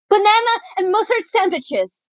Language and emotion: English, fearful